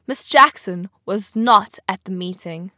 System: none